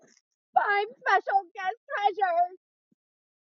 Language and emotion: English, sad